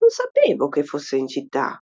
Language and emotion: Italian, surprised